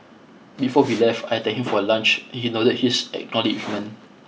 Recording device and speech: mobile phone (iPhone 6), read sentence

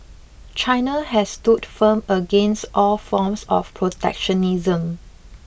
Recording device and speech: boundary microphone (BM630), read sentence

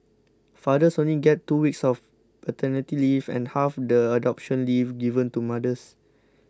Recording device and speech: close-talking microphone (WH20), read sentence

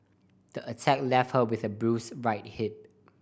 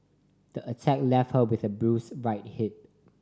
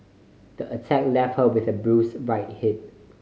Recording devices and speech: boundary microphone (BM630), standing microphone (AKG C214), mobile phone (Samsung C5010), read sentence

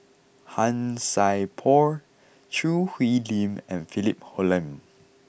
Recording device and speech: boundary microphone (BM630), read sentence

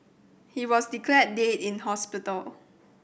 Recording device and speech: boundary microphone (BM630), read sentence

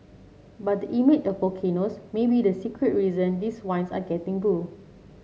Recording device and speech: mobile phone (Samsung C7), read sentence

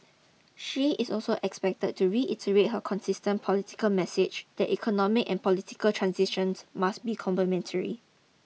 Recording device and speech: mobile phone (iPhone 6), read sentence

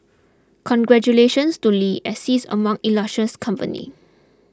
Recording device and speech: close-talking microphone (WH20), read sentence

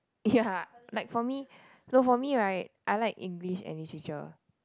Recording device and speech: close-talking microphone, conversation in the same room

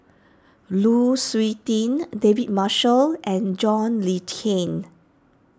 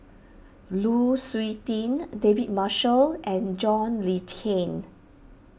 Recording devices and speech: standing microphone (AKG C214), boundary microphone (BM630), read sentence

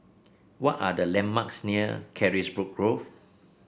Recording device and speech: boundary microphone (BM630), read sentence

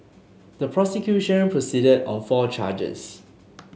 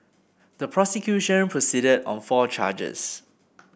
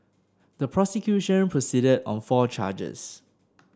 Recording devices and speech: mobile phone (Samsung S8), boundary microphone (BM630), standing microphone (AKG C214), read sentence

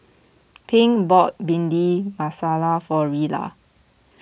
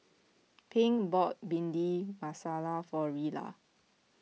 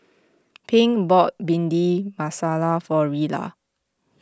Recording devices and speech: boundary microphone (BM630), mobile phone (iPhone 6), close-talking microphone (WH20), read sentence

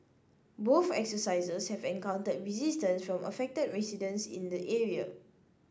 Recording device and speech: standing microphone (AKG C214), read sentence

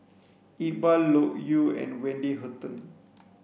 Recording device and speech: boundary microphone (BM630), read sentence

